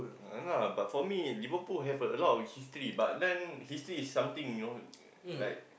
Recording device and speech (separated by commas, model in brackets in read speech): boundary microphone, conversation in the same room